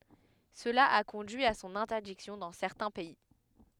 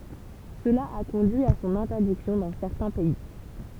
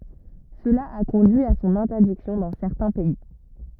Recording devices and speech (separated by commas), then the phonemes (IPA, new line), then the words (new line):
headset microphone, temple vibration pickup, rigid in-ear microphone, read sentence
səla a kɔ̃dyi a sɔ̃n ɛ̃tɛʁdiksjɔ̃ dɑ̃ sɛʁtɛ̃ pɛi
Cela a conduit à son interdiction dans certains pays.